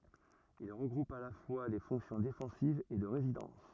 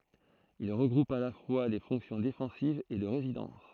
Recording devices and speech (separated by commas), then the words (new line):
rigid in-ear microphone, throat microphone, read sentence
Ils regroupent à la fois les fonctions défensives et de résidence.